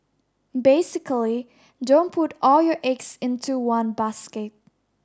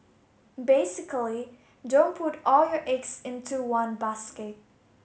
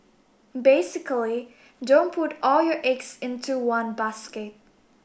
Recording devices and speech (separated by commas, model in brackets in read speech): standing microphone (AKG C214), mobile phone (Samsung S8), boundary microphone (BM630), read sentence